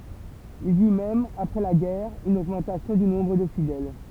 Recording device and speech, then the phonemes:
temple vibration pickup, read sentence
il i y mɛm apʁɛ la ɡɛʁ yn oɡmɑ̃tasjɔ̃ dy nɔ̃bʁ də fidɛl

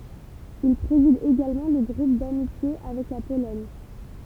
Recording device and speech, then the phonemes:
temple vibration pickup, read sentence
il pʁezid eɡalmɑ̃ lə ɡʁup damitje avɛk la polɔɲ

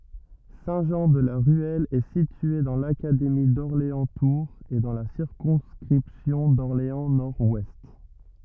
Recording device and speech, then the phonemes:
rigid in-ear microphone, read sentence
sɛ̃tʒɑ̃dlaʁyɛl ɛ sitye dɑ̃ lakademi dɔʁleɑ̃stuʁz e dɑ̃ la siʁkɔ̃skʁipsjɔ̃ dɔʁleɑ̃snɔʁdwɛst

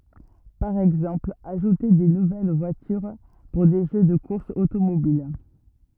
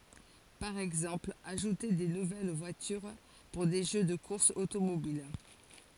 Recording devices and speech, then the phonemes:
rigid in-ear microphone, forehead accelerometer, read sentence
paʁ ɛɡzɑ̃pl aʒute de nuvɛl vwatyʁ puʁ de ʒø də kuʁsz otomobil

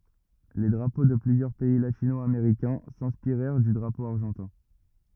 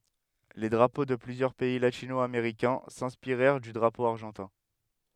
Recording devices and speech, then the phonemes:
rigid in-ear microphone, headset microphone, read sentence
le dʁapo də plyzjœʁ pɛi latino ameʁikɛ̃ sɛ̃spiʁɛʁ dy dʁapo aʁʒɑ̃tɛ̃

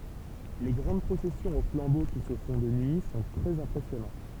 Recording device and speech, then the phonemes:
temple vibration pickup, read sentence
le ɡʁɑ̃d pʁosɛsjɔ̃z o flɑ̃bo ki sə fɔ̃ də nyi sɔ̃ tʁɛz ɛ̃pʁɛsjɔnɑ̃t

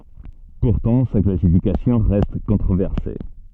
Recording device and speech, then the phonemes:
soft in-ear microphone, read sentence
puʁtɑ̃ sa klasifikasjɔ̃ ʁɛst kɔ̃tʁovɛʁse

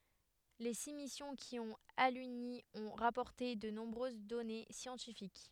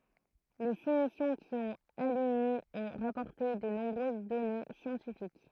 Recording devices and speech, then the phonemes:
headset microphone, throat microphone, read sentence
le si misjɔ̃ ki ɔ̃t alyni ɔ̃ ʁapɔʁte də nɔ̃bʁøz dɔne sjɑ̃tifik

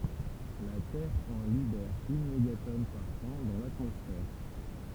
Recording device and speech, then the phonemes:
temple vibration pickup, read sentence
la tɛʁ ɑ̃ libɛʁ yn meɡatɔn paʁ ɑ̃ dɑ̃ latmɔsfɛʁ

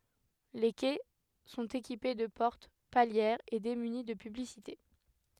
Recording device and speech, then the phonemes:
headset microphone, read sentence
le kɛ sɔ̃t ekipe də pɔʁt paljɛʁz e demyni də pyblisite

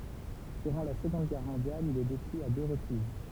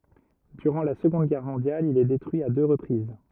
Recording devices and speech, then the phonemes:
temple vibration pickup, rigid in-ear microphone, read sentence
dyʁɑ̃ la səɡɔ̃d ɡɛʁ mɔ̃djal il ɛ detʁyi a dø ʁəpʁiz

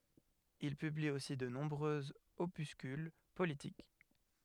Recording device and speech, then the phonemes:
headset microphone, read sentence
il pybli osi də nɔ̃bʁøz opyskyl politik

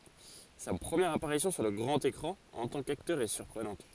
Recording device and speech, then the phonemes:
forehead accelerometer, read sentence
sa pʁəmjɛʁ apaʁisjɔ̃ syʁ lə ɡʁɑ̃t ekʁɑ̃ ɑ̃ tɑ̃ kaktœʁ ɛ syʁpʁənɑ̃t

